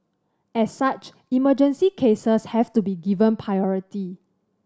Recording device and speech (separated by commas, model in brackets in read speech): standing microphone (AKG C214), read sentence